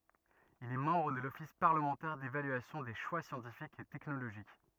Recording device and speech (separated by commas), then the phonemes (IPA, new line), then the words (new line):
rigid in-ear microphone, read sentence
il ɛ mɑ̃bʁ də lɔfis paʁləmɑ̃tɛʁ devalyasjɔ̃ de ʃwa sjɑ̃tifikz e tɛknoloʒik
Il est membre de l'Office parlementaire d'évaluation des choix scientifiques et technologiques.